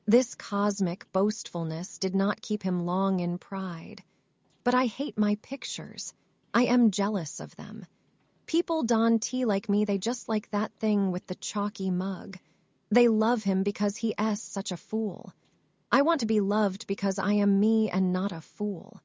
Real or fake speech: fake